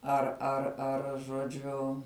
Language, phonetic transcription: Lithuanian, ar ar ˈar žoˈdžiu

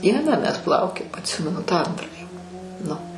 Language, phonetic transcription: Lithuanian, ˈdieną mes ˈplaukiojom atˈsimenu tą ˈantrą jau nu

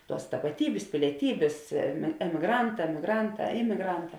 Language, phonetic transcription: Lithuanian, ˈtuos tapaˈtybės pilieˈtybės em emiˈgranˌtā emiˈgranˌtā ˈimigranˌtā

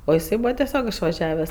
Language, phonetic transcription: Lithuanian, o iˈsai ˈbūva teˈsiog išvaˈžiaves

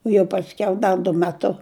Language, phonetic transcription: Lithuanian, o jau pasˈkiau ˈda du meˈtu

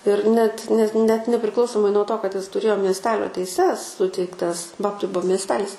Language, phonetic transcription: Lithuanian, ir net net net nepriˈklausomai nuo ˈto kad ˈis tuˈrėjo miesˈtelio teiˈses ˈsuteiktas ˈbabtai ˈbuo miesˈtelis

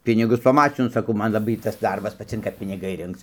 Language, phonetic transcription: Lithuanian, ˈpinigus paˈmačinu saˈkau ˈman laˈbai ˈtas ˈdarbas paˈcinka piniˈgai ˈrinkc

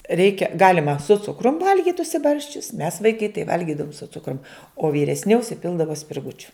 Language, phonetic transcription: Lithuanian, ˈreikia ˈgalima su ˈcukrum ˈvalgit užsiˈbarsčius mes vaiˈkai tai ˈvalgidavom su ˈcukrum o vyresˈni užsiˈpildavo spirˈgučiu

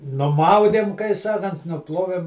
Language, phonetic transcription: Lithuanian, nuˈmaudėm kai ˈsakant nuˈplovėm

